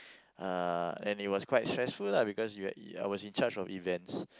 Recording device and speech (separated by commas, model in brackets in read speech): close-talking microphone, conversation in the same room